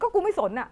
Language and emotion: Thai, angry